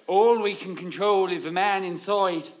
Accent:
Irish accent